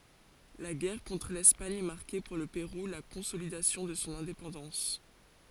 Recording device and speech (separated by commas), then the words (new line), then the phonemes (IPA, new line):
forehead accelerometer, read sentence
La guerre contre l’Espagne marquait pour le Pérou la consolidation de son indépendance.
la ɡɛʁ kɔ̃tʁ lɛspaɲ maʁkɛ puʁ lə peʁu la kɔ̃solidasjɔ̃ də sɔ̃ ɛ̃depɑ̃dɑ̃s